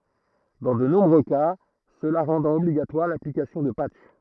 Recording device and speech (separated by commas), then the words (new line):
throat microphone, read sentence
Dans de nombreux cas, cela rendant obligatoire l'application de patchs.